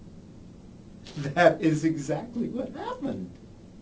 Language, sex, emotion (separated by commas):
English, male, happy